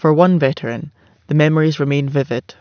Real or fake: real